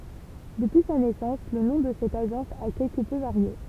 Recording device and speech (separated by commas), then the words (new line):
temple vibration pickup, read sentence
Depuis sa naissance le nom de cette agence a quelque peu varié.